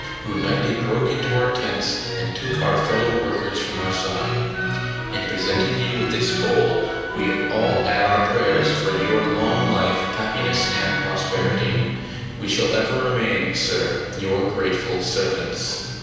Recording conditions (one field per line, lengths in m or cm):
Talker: one person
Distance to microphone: 7.1 m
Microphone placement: far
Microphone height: 1.7 m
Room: very reverberant, large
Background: music